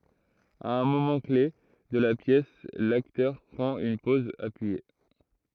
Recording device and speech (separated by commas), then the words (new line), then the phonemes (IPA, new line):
throat microphone, read sentence
À un moment-clef de la pièce, l'acteur prend une pose appuyée.
a œ̃ momɑ̃ kle də la pjɛs laktœʁ pʁɑ̃t yn pɔz apyije